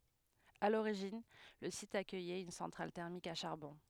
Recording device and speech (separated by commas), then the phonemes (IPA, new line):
headset microphone, read sentence
a loʁiʒin lə sit akœjɛt yn sɑ̃tʁal tɛʁmik a ʃaʁbɔ̃